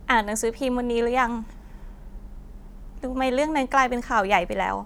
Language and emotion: Thai, sad